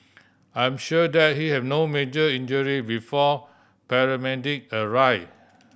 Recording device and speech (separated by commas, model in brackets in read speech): boundary microphone (BM630), read sentence